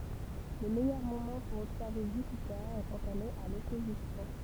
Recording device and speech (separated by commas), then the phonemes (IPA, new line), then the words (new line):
temple vibration pickup, read sentence
lə mɛjœʁ momɑ̃ puʁ ɔbsɛʁve ʒypite ɛ kɑ̃t ɛl ɛt a lɔpozisjɔ̃
Le meilleur moment pour observer Jupiter est quand elle est à l'opposition.